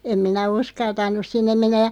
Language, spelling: Finnish, en minä uskaltanut sinne mennä ja
- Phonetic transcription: 'em minä "uskaltan̆nus 'sinnem mennäʲ ja ,.

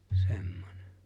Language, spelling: Finnish, semmoinen
- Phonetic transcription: 'se̬ᴍᴍᴏɴᴇ .

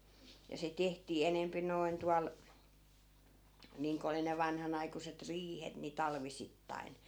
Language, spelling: Finnish, ja se tehtiin enempi noin tuolla niin kuin oli ne vanhanaikuiset riihet niin talvisittain
- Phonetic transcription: ja se 'tehtii 'enempi nòi̮n 'tual , 'niiŋko oli ne 'vanhanaikuset "riihet ni 'talvisittai̮n .

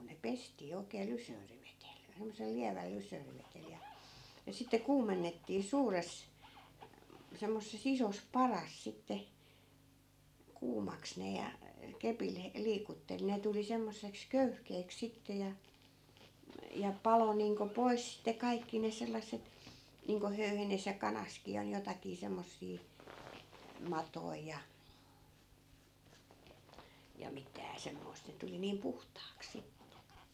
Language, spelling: Finnish, ne pestiin oikein lysolivedellä semmoisella lievällä lysolivedellä ja ja sitten kuumennettiin suuressa semmoisessa isossa padassa sitten kuumaksi ne ja kepillä - liikutteli ne tuli semmoiseksi köyhkeäksi sitten ja ja paloi niin kuin pois sitten kaikki ne sellaiset niin kuin höyhenessä ja kanassakin oli jotakin semmoisia matoja ja ja mitään semmoista että tuli niin puhtaaksi sitten
- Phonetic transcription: ne 'pestii 'oi̮k̀ee "lysöörivetel , semmosel 'liäväl 'lysöörivetel ja , ja sitte 'kuumennettii 'suures , semmosse's ‿isos "paras sitte , 'kuumaks ne ja , 'kepil he- , 'liikuttel 'ne tuli semmosseks "köyhkeeks 'sitte ja , ja 'palo niiŋko 'pois sitte 'kaikki ne 'sel̆lasset , niiŋko 'höyhenes ja 'kanaskii ol 'jotakii 'semmossii , "matoi ja , ja 'mitää 'semmoi̮st ‿et 'tuli 'niim "puhtaaks 'sitte .

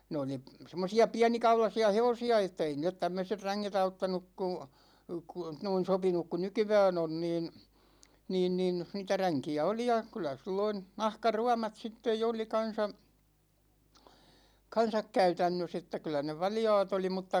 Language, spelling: Finnish, ne oli semmoisia pienikaulaisia hevosia että ei niille tämmöiset ränget auttanut kun kun noin sopinut kuin nykyään on niin niin niin niitä ränkiä oli ja kyllä silloin nahkaruomat sitten jo oli kanssa kanssa käytännössä että kyllä ne valjaat oli mutta
- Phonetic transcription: 'ne oli , 'semmosi₍a "piänikaulasi₍a 'hevosi₍a että ei niillet 'tämmöset "räŋŋet 'auttanuk ku , ku , noin̬ 'sopinuk ku "nykyvä'n ‿on niin , 'niin nin , niitä "räŋki₍ä 'oli ja , kyl̆lä 'silloin̬ , "nahkaruamat 'sittej jo oli 'kan̬sa , 'kan̬sak "käytännös ‿että 'kyl̆lä ne "valja̭a̭t ‿oli mutta ,.

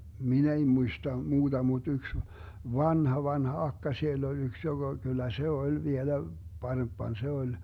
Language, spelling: Finnish, minä ei muista muuta mutta yksi vanha vanha akka siellä oli yksi joka kyllä se oli vielä parempana se oli
- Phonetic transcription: "min ‿ei 'muista 'muuDa muD 'yks , "vanha 'vanha 'akka siell ‿oĺ 'yks joGa , kyl̆lä 'se "oĺ 'vielä , 'paremppan 'se 'oĺ .

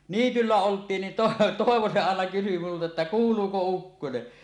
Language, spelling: Finnish, niityllä oltiin niin - Toivo se aina kysyi minulta että kuuluuko ukkonen
- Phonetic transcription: niityllä 'olt̀iin nin To- 'Tòevo se àena kysy multa että » "kuul̀uuko 'ukkone « .

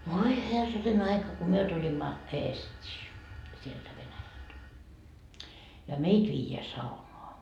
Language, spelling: Finnish, voi herranen aika kun me tulimme Eestiin sieltä Venäjältä ja meitä viedään saunaan
- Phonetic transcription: 'voi "herranen ‿aika ko 'myö 'tulimma , "Eest́ii , sieltä 'Venäjält , ja "meit viijeä 'saunoa .

